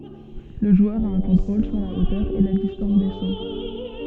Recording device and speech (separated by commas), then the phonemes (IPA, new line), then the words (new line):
soft in-ear microphone, read sentence
lə ʒwœʁ a œ̃ kɔ̃tʁol syʁ la otœʁ e la distɑ̃s de so
Le joueur a un contrôle sur la hauteur et la distance des sauts.